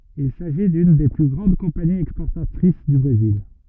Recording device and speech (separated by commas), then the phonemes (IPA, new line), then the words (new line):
rigid in-ear microphone, read sentence
il saʒi dyn de ply ɡʁɑ̃d kɔ̃paniz ɛkspɔʁtatʁis dy bʁezil
Il s'agit d'une des plus grandes compagnies exportatrices du Brésil.